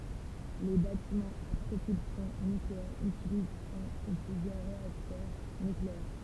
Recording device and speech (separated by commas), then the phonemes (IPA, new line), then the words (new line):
temple vibration pickup, read sentence
le batimɑ̃z a pʁopylsjɔ̃ nykleɛʁ ytilizt œ̃ u plyzjœʁ ʁeaktœʁ nykleɛʁ
Les bâtiments à propulsion nucléaire utilisent un ou plusieurs réacteurs nucléaires.